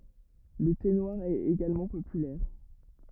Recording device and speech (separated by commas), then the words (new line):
rigid in-ear microphone, read sentence
Le thé noir est également populaire.